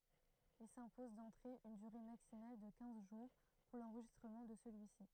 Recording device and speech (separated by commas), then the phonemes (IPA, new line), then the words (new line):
throat microphone, read sentence
il sɛ̃pozɑ̃ dɑ̃tʁe yn dyʁe maksimal də kɛ̃z ʒuʁ puʁ lɑ̃ʁʒistʁəmɑ̃ də səlyisi
Ils s'imposent d'entrée une durée maximale de quinze jours pour l'enregistrement de celui-ci.